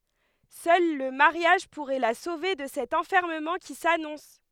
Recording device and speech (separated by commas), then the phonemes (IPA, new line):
headset microphone, read sentence
sœl lə maʁjaʒ puʁɛ la sove də sɛt ɑ̃fɛʁməmɑ̃ ki sanɔ̃s